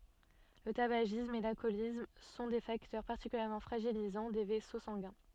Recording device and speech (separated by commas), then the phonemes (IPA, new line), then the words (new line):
soft in-ear microphone, read sentence
lə tabaʒism e lalkɔlism sɔ̃ de faktœʁ paʁtikyljɛʁmɑ̃ fʁaʒilizɑ̃ de vɛso sɑ̃ɡɛ̃
Le tabagisme et l'alcoolisme sont des facteurs particulièrement fragilisants des vaisseaux sanguins.